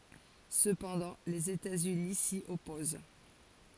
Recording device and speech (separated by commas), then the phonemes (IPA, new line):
forehead accelerometer, read sentence
səpɑ̃dɑ̃ lez etatsyni si ɔpoz